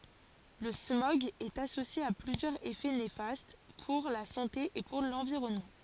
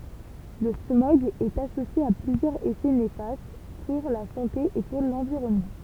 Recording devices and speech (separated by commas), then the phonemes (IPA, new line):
forehead accelerometer, temple vibration pickup, read sentence
lə smɔɡ ɛt asosje a plyzjœʁz efɛ nefast puʁ la sɑ̃te e puʁ lɑ̃viʁɔnmɑ̃